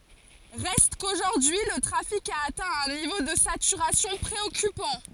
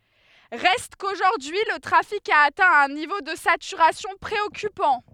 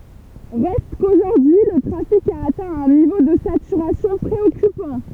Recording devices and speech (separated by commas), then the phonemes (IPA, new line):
forehead accelerometer, headset microphone, temple vibration pickup, read sentence
ʁɛst koʒuʁdyi lə tʁafik a atɛ̃ œ̃ nivo də satyʁasjɔ̃ pʁeɔkypɑ̃